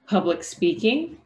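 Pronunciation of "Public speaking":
In 'public speaking', the k sound at the end of 'public' is a stop and is not released.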